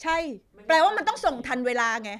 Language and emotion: Thai, angry